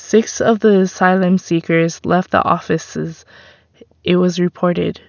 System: none